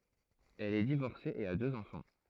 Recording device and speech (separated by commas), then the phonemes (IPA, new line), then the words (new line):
throat microphone, read sentence
ɛl ɛ divɔʁse e a døz ɑ̃fɑ̃
Elle est divorcée et a deux enfants.